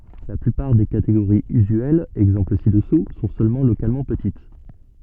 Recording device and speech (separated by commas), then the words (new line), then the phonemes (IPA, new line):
soft in-ear microphone, read sentence
La plupart des catégories usuelles — exemples ci-dessous — sont seulement localement petites.
la plypaʁ de kateɡoʁiz yzyɛlz ɛɡzɑ̃pl si dəsu sɔ̃ sølmɑ̃ lokalmɑ̃ pətit